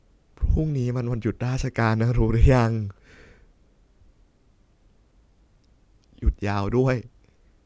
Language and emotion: Thai, sad